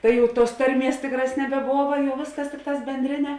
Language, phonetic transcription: Lithuanian, ˈtai jau tuos ˈtarˌmies ˈtikˌrās nebeˈbova ˈvėsˌkas ˈtikˌtās benˈdrine

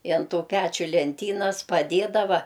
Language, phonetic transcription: Lithuanian, i an ˈtų ˈpæčiu lenˈtynas paˈdėdava

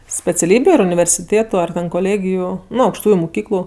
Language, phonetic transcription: Lithuanian, speciaˈlybiu ar universiˈtėtu ar ˈten koˈlėgiju ˈnu aukšˈtųju muˈkyklu

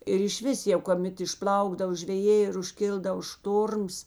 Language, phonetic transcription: Lithuanian, ir išˈvis jau koˈmet išˈplaukdav žveˈjė ir užˈkildavo ˈštorms

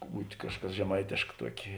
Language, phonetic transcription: Lithuanian, ˈbūt' ˈkažˌkas žeˈmaitėšk ˈtuokė

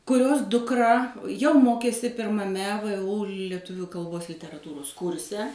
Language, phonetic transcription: Lithuanian, kuˈrios dukˈra jau ˈmokėsi pirmaˈme vu leˈtuviu kalˈbos literaˈtūros ˈkurse

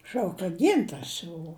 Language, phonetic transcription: Lithuanian, ˈšauk ka ˈgintars jau

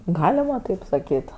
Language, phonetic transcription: Lithuanian, ˈgalima taip saˈkyt

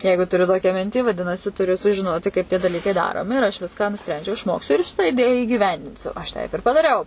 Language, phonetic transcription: Lithuanian, ˈjeigu tuˈriu ˈtokią ˈmintį vaˈdinasi tuˈriu sužiˈnoti kaip tie daˈlykai ˈdaromi ir aš ˈviską nuˈsprendžiau išˈmoksiu ir šitą iˈdėją įgyˈvendinsiu aš ˈteip ir padaˈriau

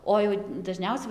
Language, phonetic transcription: Lithuanian, ˈo jau daˈžniausia

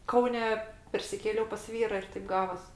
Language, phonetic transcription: Lithuanian, ˈkaune persiˈkėliau pas ˈvyra ir taip ˈgavas

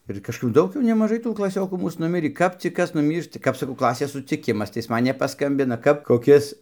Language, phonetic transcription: Lithuanian, ir kažˈkap ˈdaug jau nemaˈžai tų klaˈsiokų ˈmūs nuˈmirį ˈkap cik ˈkas nuˈmyršta ˈkap saˈkau ˈklasės suciˈkimas tai ˈis ˈman nepaˈskambina kap koˈkis

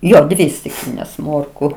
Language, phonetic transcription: Lithuanian, ˈjo ˈdvi stikˈlynės ˈmorku

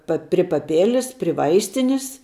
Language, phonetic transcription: Lithuanian, ˈpa pri paˈpėlis pri ˈvaistinis

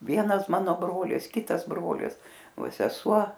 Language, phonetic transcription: Lithuanian, ˈvienas ˈmano ˈbrolis ˈkitas ˈbrolis ˈva seˈsuo

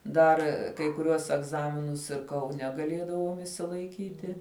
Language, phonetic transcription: Lithuanian, ˈdar kai kuˈriuos egˈzaminus ir kauˈne gaˈliedavom išsilaiˈkyti

